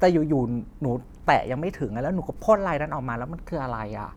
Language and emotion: Thai, frustrated